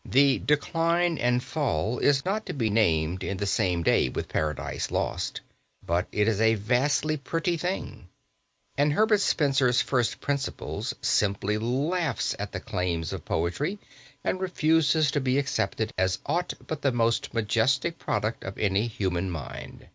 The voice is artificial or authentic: authentic